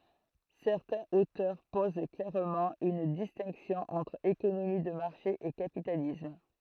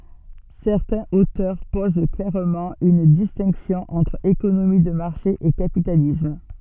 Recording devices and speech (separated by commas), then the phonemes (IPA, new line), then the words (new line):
throat microphone, soft in-ear microphone, read sentence
sɛʁtɛ̃z otœʁ poz klɛʁmɑ̃ yn distɛ̃ksjɔ̃ ɑ̃tʁ ekonomi də maʁʃe e kapitalism
Certains auteurs posent clairement une distinction entre économie de marché et capitalisme.